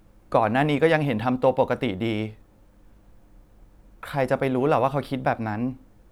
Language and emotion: Thai, sad